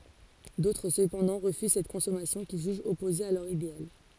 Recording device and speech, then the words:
forehead accelerometer, read sentence
D'autres cependant refusent cette consommation qu'ils jugent opposée à leur idéal.

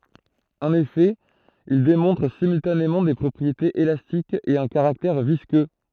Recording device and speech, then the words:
throat microphone, read sentence
En effet, ils démontrent simultanément des propriétés élastiques et un caractère visqueux.

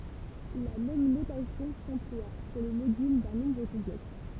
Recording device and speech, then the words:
temple vibration pickup, read sentence
La même notation s'emploie pour le module d'un nombre complexe.

